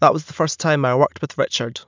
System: none